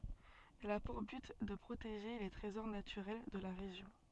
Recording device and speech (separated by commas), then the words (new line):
soft in-ear microphone, read sentence
Elle a pour but de protéger les trésors naturels de la région.